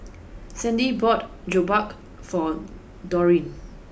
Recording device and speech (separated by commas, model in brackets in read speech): boundary microphone (BM630), read sentence